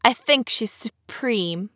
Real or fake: real